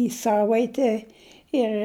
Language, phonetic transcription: Lithuanian, į ˈsavaite ˈir

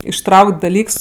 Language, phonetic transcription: Lithuanian, išˈtrauk't' daˈlyks

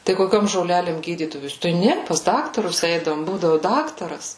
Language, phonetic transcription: Lithuanian, tai koˈkiom žoˈlelėm ˈgydydavos tai ˈne pas ˈdaktarus ˈeidavom ˈbūdavu ˈdaktaras

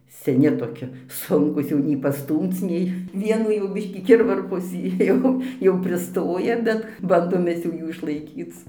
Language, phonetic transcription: Lithuanian, seˈni toˈki ˈsunkūs ˈjau nei paˈstūmc ˈnei ˈvienų jau ˈbiškį ˈkirvarpos ˈjau jau priˈstoja ˈbet ˈbandom ˈmes jau ˈjų išlaiˈkyc

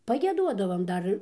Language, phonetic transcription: Lithuanian, pagieˈduodavam ˈdar

